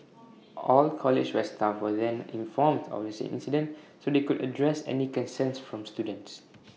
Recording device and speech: mobile phone (iPhone 6), read sentence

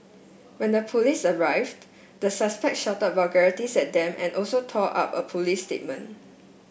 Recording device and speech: boundary microphone (BM630), read sentence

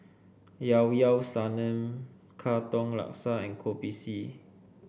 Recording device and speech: boundary microphone (BM630), read sentence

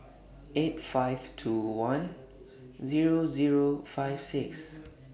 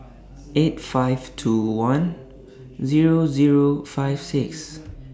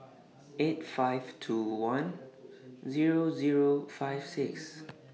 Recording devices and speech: boundary microphone (BM630), standing microphone (AKG C214), mobile phone (iPhone 6), read sentence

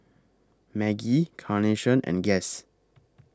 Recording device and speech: close-talking microphone (WH20), read sentence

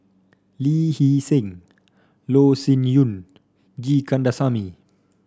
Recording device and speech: standing microphone (AKG C214), read sentence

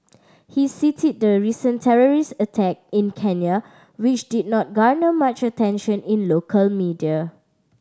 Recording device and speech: standing microphone (AKG C214), read sentence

